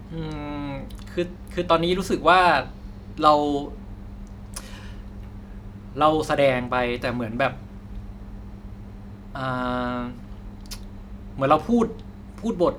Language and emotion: Thai, frustrated